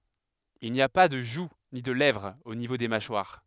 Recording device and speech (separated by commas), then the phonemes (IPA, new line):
headset microphone, read sentence
il ni a pa də ʒu ni də lɛvʁ o nivo de maʃwaʁ